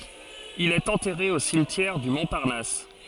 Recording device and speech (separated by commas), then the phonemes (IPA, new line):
forehead accelerometer, read sentence
il ɛt ɑ̃tɛʁe o simtjɛʁ dy mɔ̃paʁnas